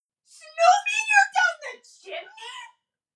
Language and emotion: English, surprised